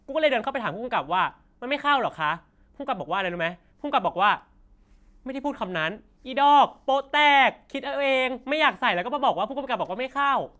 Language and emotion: Thai, frustrated